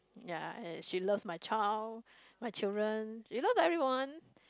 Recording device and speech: close-talking microphone, conversation in the same room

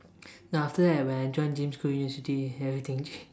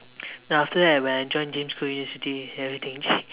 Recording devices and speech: standing microphone, telephone, conversation in separate rooms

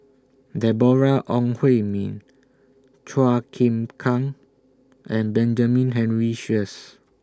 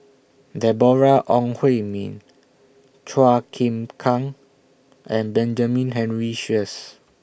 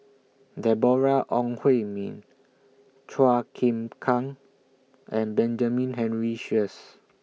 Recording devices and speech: standing microphone (AKG C214), boundary microphone (BM630), mobile phone (iPhone 6), read sentence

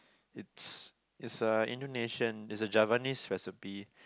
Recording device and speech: close-talking microphone, conversation in the same room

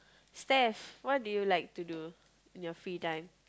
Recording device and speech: close-talking microphone, conversation in the same room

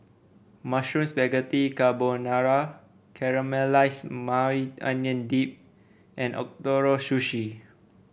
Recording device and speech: boundary microphone (BM630), read sentence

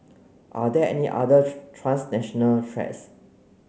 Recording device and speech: mobile phone (Samsung C9), read sentence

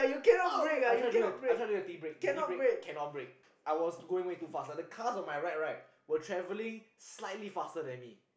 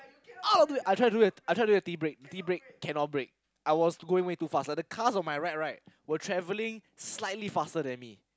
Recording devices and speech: boundary microphone, close-talking microphone, conversation in the same room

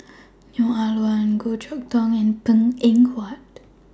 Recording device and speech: standing microphone (AKG C214), read sentence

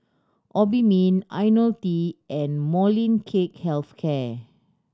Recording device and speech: standing microphone (AKG C214), read sentence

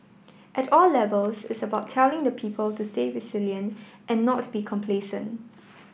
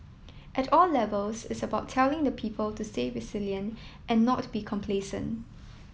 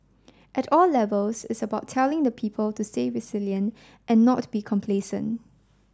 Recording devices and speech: boundary microphone (BM630), mobile phone (iPhone 7), standing microphone (AKG C214), read sentence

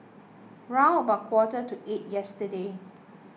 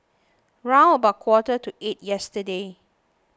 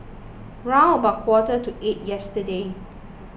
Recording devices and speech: mobile phone (iPhone 6), close-talking microphone (WH20), boundary microphone (BM630), read sentence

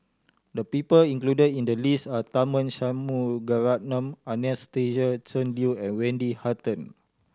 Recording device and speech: standing microphone (AKG C214), read sentence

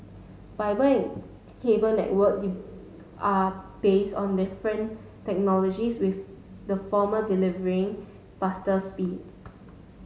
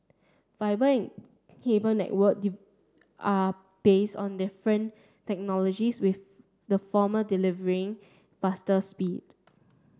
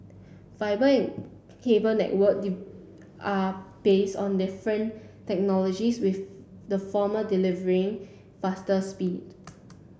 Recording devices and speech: mobile phone (Samsung S8), standing microphone (AKG C214), boundary microphone (BM630), read sentence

